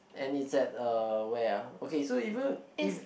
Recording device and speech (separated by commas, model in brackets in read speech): boundary microphone, conversation in the same room